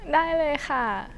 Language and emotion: Thai, happy